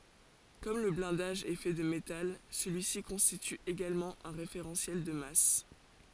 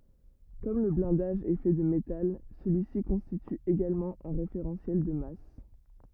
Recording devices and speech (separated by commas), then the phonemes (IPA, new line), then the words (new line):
forehead accelerometer, rigid in-ear microphone, read sentence
kɔm lə blɛ̃daʒ ɛ fɛ də metal səlyi si kɔ̃stity eɡalmɑ̃ œ̃ ʁefeʁɑ̃sjɛl də mas
Comme le blindage est fait de métal, celui-ci constitue également un référentiel de masse.